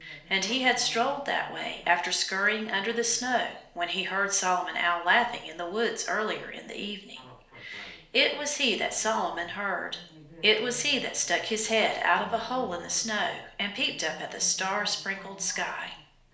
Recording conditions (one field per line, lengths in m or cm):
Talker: one person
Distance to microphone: 1.0 m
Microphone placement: close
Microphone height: 1.1 m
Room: small (3.7 m by 2.7 m)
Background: television